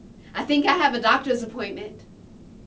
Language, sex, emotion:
English
female
neutral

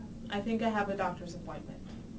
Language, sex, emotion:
English
female
neutral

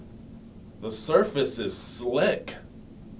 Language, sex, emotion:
English
male
neutral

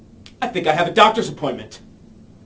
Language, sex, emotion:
English
male
angry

